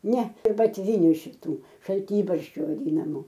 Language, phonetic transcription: Lithuanian, ˈne ir batˈvyniu šiˈtų šalˈtybarščių vaˈdynamu

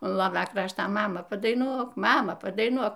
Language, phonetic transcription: Lithuanian, un ˈlovia ˈkrašta ˈmama padaiˈnuok ˈmama padaiˈnuok

